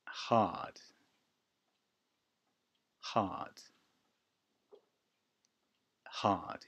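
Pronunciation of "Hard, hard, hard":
'Hard' is said three times with the UK pronunciation.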